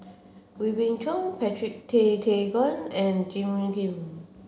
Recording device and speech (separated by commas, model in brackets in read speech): mobile phone (Samsung C7), read sentence